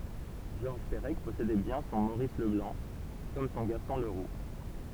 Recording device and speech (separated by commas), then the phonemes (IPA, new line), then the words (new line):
temple vibration pickup, read sentence
ʒɔʁʒ pəʁɛk pɔsedɛ bjɛ̃ sɔ̃ moʁis ləblɑ̃ kɔm sɔ̃ ɡastɔ̃ ləʁu
Georges Perec possédait bien son Maurice Leblanc, comme son Gaston Leroux.